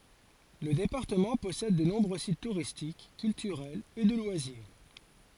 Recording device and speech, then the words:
forehead accelerometer, read sentence
Le département possède de nombreux sites touristiques, culturels et de loisirs.

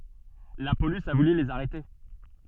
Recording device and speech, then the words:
soft in-ear microphone, read sentence
La police a voulu les arrêter.

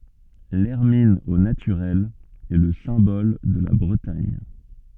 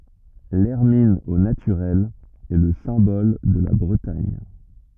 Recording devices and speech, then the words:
soft in-ear microphone, rigid in-ear microphone, read sentence
L'hermine au naturel est le symbole de la Bretagne.

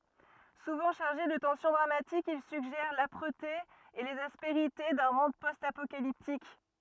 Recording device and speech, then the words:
rigid in-ear microphone, read sentence
Souvent chargés de tension dramatique, ils suggèrent l'âpreté et les aspérités d'un monde post-apocalyptique.

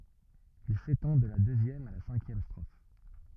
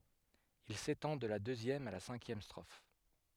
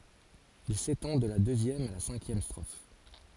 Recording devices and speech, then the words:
rigid in-ear microphone, headset microphone, forehead accelerometer, read sentence
Il s'étend de la deuxième à la cinquième strophes.

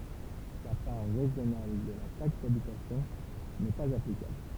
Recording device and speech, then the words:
temple vibration pickup, read sentence
La part régionale de la taxe d'habitation n'est pas applicable.

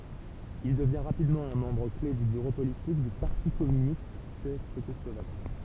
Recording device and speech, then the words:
temple vibration pickup, read sentence
Il devient rapidement un membre clef du bureau politique du Parti communiste tchécoslovaque.

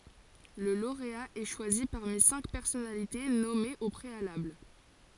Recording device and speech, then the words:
forehead accelerometer, read sentence
Le lauréat est choisi parmi cinq personnalités nommés au préalable.

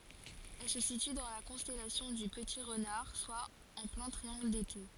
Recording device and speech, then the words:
forehead accelerometer, read sentence
Elle se situe dans la constellation du Petit Renard, soit en plein Triangle d'été.

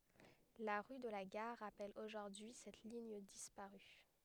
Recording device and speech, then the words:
headset microphone, read sentence
La rue de la Gare rappelle aujourd'hui cette ligne disparue.

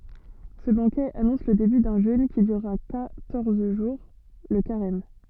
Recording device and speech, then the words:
soft in-ear microphone, read sentence
Ce banquet annonce le début d'un jeûne qui durera quatorze jours, le carême.

